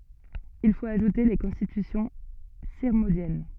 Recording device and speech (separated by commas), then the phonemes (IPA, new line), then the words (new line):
soft in-ear microphone, read sentence
il fot aʒute le kɔ̃stitysjɔ̃ siʁmɔ̃djɛn
Il faut ajouter les Constitutions sirmondiennes.